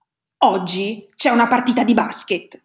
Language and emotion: Italian, angry